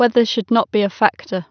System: none